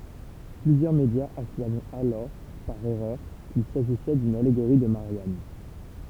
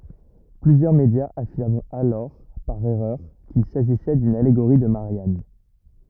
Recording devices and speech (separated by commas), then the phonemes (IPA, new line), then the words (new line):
temple vibration pickup, rigid in-ear microphone, read sentence
plyzjœʁ medjaz afiʁmt alɔʁ paʁ ɛʁœʁ kil saʒisɛ dyn aleɡoʁi də maʁjan
Plusieurs médias affirment alors par erreur qu'il s'agissait d'une allégorie de Marianne.